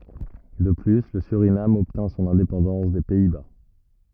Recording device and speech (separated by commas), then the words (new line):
rigid in-ear microphone, read sentence
De plus, le Suriname obtint son indépendance des Pays-Bas.